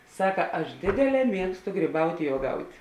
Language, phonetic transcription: Lithuanian, ˈsaka ˈaš ˈdėdėˌlē ˈmiegstu ˈgrybaut' i uoˈgaut'

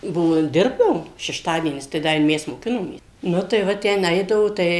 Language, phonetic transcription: Lithuanian, ˈbuvo ˈdirbdavom šešˈtadienis tai ˈda i ˈmes moˈkinomės ˈnu tai ˈva ˈtenˈaidavo tai

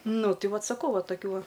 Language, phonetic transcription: Lithuanian, ˈnu ˈti ˈvat saˈkau ˈva taˈkių ˈva

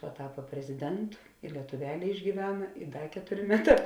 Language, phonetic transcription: Lithuanian, paˈtapa preziˈdentu i lietuˈvelė išgyˈvena i ˈda ˈketurė ˈmeˌtā

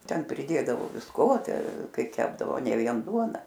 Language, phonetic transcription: Lithuanian, ˈten priˈdėdavo visˈko ˈte ˈkai ˈkepdavo ˈne ˈvien ˈduona

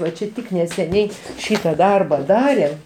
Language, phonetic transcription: Lithuanian, va ˈčia ˈtik neseˈniai ˈšyta ˈdarba ˈdarėm

